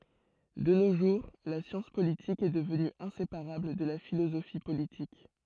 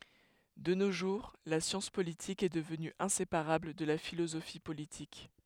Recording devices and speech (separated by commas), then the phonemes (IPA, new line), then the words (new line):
throat microphone, headset microphone, read sentence
də no ʒuʁ la sjɑ̃s politik ɛ dəvny ɛ̃sepaʁabl də la filozofi politik
De nos jours, la science politique est devenue inséparable de la philosophie politique.